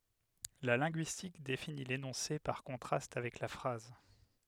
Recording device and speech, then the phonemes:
headset microphone, read sentence
la lɛ̃ɡyistik defini lenɔ̃se paʁ kɔ̃tʁast avɛk la fʁaz

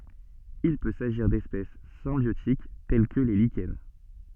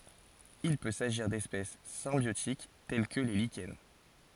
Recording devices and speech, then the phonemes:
soft in-ear microphone, forehead accelerometer, read sentence
il pø saʒiʁ dɛspɛs sɛ̃bjotik tɛl kə le liʃɛn

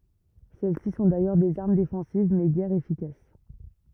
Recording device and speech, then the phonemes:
rigid in-ear microphone, read sentence
sɛlɛsi sɔ̃ dajœʁ dez aʁm defɑ̃siv mɛ ɡɛʁ efikas

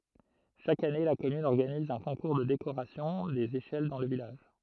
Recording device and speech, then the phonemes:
throat microphone, read sentence
ʃak ane la kɔmyn ɔʁɡaniz œ̃ kɔ̃kuʁ də dekoʁasjɔ̃ dez eʃɛl dɑ̃ lə vilaʒ

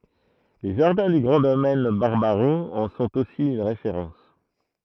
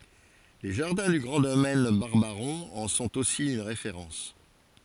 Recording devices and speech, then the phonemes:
throat microphone, forehead accelerometer, read sentence
le ʒaʁdɛ̃ dy ɡʁɑ̃ domɛn baʁbaʁɔ̃ ɑ̃ sɔ̃t osi yn ʁefeʁɑ̃s

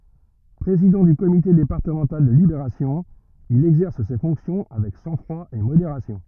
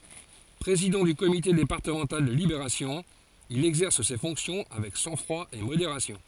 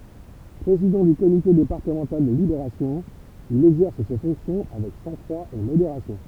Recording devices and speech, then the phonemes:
rigid in-ear microphone, forehead accelerometer, temple vibration pickup, read sentence
pʁezidɑ̃ dy komite depaʁtəmɑ̃tal də libeʁasjɔ̃ il ɛɡzɛʁs se fɔ̃ksjɔ̃ avɛk sɑ̃ɡfʁwa e modeʁasjɔ̃

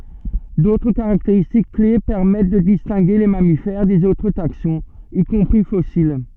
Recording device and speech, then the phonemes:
soft in-ear microphone, read sentence
dotʁ kaʁakteʁistik kle pɛʁmɛt də distɛ̃ɡe le mamifɛʁ dez otʁ taksɔ̃z i kɔ̃pʁi fɔsil

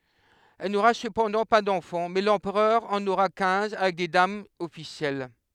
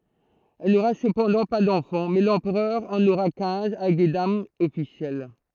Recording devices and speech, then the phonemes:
headset microphone, throat microphone, read sentence
ɛl noʁa səpɑ̃dɑ̃ pa dɑ̃fɑ̃ mɛ lɑ̃pʁœʁ ɑ̃n oʁa kɛ̃z avɛk de damz ɔfisjɛl

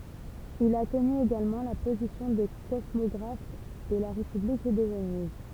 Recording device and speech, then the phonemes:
temple vibration pickup, read sentence
il a təny eɡalmɑ̃ la pozisjɔ̃ də kɔsmɔɡʁaf də la ʁepyblik də vəniz

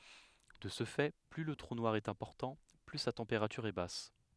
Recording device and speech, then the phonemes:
headset microphone, read sentence
də sə fɛ ply lə tʁu nwaʁ ɛt ɛ̃pɔʁtɑ̃ ply sa tɑ̃peʁatyʁ ɛ bas

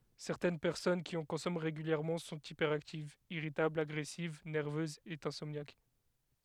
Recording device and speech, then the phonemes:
headset microphone, read sentence
sɛʁtɛn pɛʁsɔn ki ɑ̃ kɔ̃sɔmɑ̃ ʁeɡyljɛʁmɑ̃ sɔ̃t ipɛʁaktivz iʁitablz aɡʁɛsiv nɛʁvøzz e ɛ̃sɔmnjak

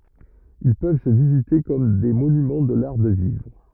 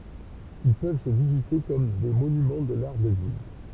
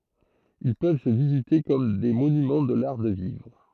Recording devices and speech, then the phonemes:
rigid in-ear microphone, temple vibration pickup, throat microphone, read sentence
il pøv sə vizite kɔm de monymɑ̃ də laʁ də vivʁ

